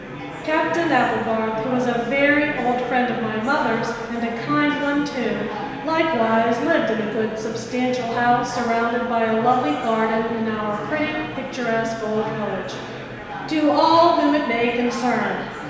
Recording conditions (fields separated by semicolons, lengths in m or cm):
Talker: one person; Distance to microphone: 1.7 m; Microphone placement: close; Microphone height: 1.0 m; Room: very reverberant, large; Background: babble